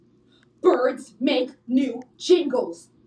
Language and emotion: English, angry